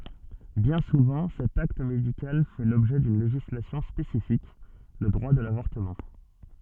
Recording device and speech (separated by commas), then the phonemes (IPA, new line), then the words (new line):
soft in-ear microphone, read sentence
bjɛ̃ suvɑ̃ sɛt akt medikal fɛ lɔbʒɛ dyn leʒislasjɔ̃ spesifik lə dʁwa də lavɔʁtəmɑ̃
Bien souvent cet acte médical fait l'objet d'une législation spécifique, le droit de l'avortement.